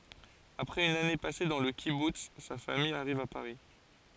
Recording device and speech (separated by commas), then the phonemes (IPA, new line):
forehead accelerometer, read sentence
apʁɛz yn ane pase dɑ̃ lə kibuts sa famij aʁiv a paʁi